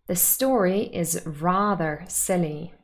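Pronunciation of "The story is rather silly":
In 'The story is rather silly', the word 'rather' carries emphatic stress.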